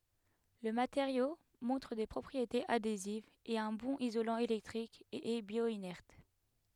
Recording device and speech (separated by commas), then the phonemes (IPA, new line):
headset microphone, read sentence
lə mateʁjo mɔ̃tʁ de pʁɔpʁietez adezivz ɛt œ̃ bɔ̃n izolɑ̃ elɛktʁik e ɛ bjwanɛʁt